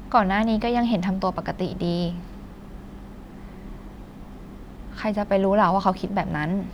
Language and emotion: Thai, neutral